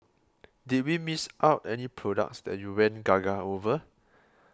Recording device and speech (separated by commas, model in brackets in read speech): close-talking microphone (WH20), read sentence